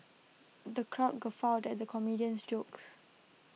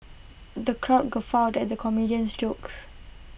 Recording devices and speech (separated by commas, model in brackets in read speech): mobile phone (iPhone 6), boundary microphone (BM630), read sentence